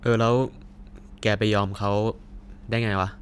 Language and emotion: Thai, frustrated